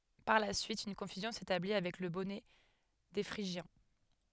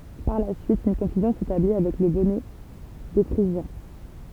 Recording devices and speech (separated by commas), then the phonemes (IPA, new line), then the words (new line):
headset microphone, temple vibration pickup, read sentence
paʁ la syit yn kɔ̃fyzjɔ̃ setabli avɛk lə bɔnɛ de fʁiʒjɛ̃
Par la suite, une confusion s'établit avec le bonnet des Phrygiens.